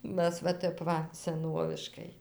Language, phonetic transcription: Lithuanian, ˈmæs va ˈtep ˈva seˈnoviškai

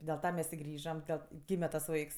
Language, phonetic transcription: Lithuanian, dėl ˈta ˈmes i ˈgrįžam ˈdel ˈgyme tas ˈvaiks

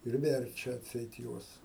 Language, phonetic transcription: Lithuanian, ir ˈverčia atˈseit ˈjuos

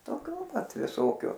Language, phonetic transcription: Lithuanian, toˈkiu pat viˈsokiu

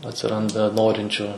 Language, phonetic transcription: Lithuanian, atsiˈranda ˈnorinčiu

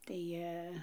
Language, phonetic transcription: Lithuanian, tai ˈjie

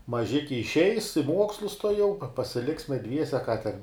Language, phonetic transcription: Lithuanian, maˈžiki išˈeis i ˈmuokslus tuoˈjau pa pasiˈliksme ˈdviese ką ten

